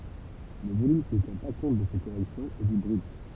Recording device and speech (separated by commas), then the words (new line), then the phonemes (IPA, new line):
temple vibration pickup, read sentence
Le volume qui ne tient pas compte de ces corrections est dit brut.
lə volym ki nə tjɛ̃ pa kɔ̃t də se koʁɛksjɔ̃z ɛ di bʁyt